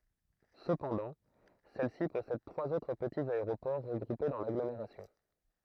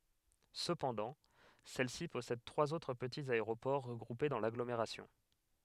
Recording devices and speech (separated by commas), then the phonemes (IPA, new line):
throat microphone, headset microphone, read sentence
səpɑ̃dɑ̃ sɛlsi pɔsɛd tʁwaz otʁ pətiz aeʁopɔʁ ʁəɡʁupe dɑ̃ laɡlomeʁasjɔ̃